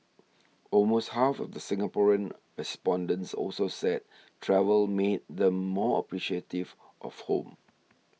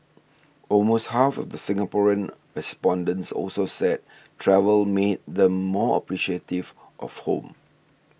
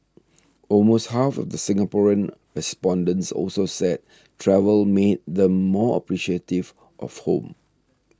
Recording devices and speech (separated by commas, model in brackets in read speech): mobile phone (iPhone 6), boundary microphone (BM630), standing microphone (AKG C214), read sentence